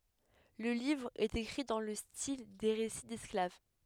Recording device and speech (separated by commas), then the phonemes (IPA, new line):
headset microphone, read sentence
lə livʁ ɛt ekʁi dɑ̃ lə stil de ʁesi dɛsklav